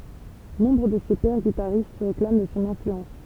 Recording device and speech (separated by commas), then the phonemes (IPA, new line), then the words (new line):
temple vibration pickup, read sentence
nɔ̃bʁ də se pɛʁ ɡitaʁist sə ʁeklam də sɔ̃ ɛ̃flyɑ̃s
Nombre de ses pairs guitaristes se réclament de son influence.